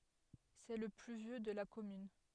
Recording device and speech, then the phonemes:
headset microphone, read sentence
sɛ lə ply vjø də la kɔmyn

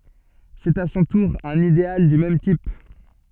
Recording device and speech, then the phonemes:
soft in-ear microphone, read sentence
sɛt a sɔ̃ tuʁ œ̃n ideal dy mɛm tip

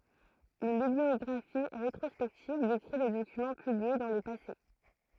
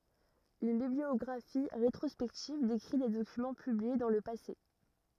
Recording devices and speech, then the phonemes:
throat microphone, rigid in-ear microphone, read sentence
yn bibliɔɡʁafi ʁetʁɔspɛktiv dekʁi de dokymɑ̃ pyblie dɑ̃ lə pase

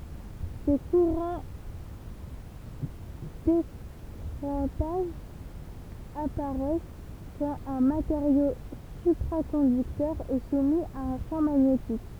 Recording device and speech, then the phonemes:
temple vibration pickup, read sentence
se kuʁɑ̃ dekʁɑ̃taʒ apaʁɛs kɑ̃t œ̃ mateʁjo sypʁakɔ̃dyktœʁ ɛ sumi a œ̃ ʃɑ̃ maɲetik

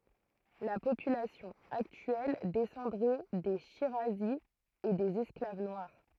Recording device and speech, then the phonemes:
throat microphone, read sentence
la popylasjɔ̃ aktyɛl dɛsɑ̃dʁɛ de ʃiʁazi e dez ɛsklav nwaʁ

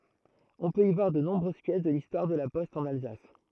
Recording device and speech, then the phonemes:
throat microphone, read sentence
ɔ̃ pøt i vwaʁ də nɔ̃bʁøz pjɛs də listwaʁ də la pɔst ɑ̃n alzas

